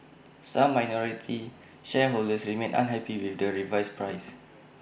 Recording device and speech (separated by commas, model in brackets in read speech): boundary microphone (BM630), read sentence